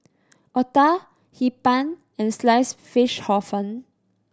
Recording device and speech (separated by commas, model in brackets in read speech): standing microphone (AKG C214), read sentence